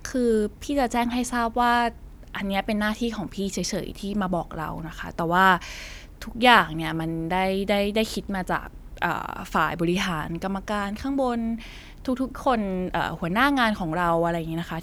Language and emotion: Thai, neutral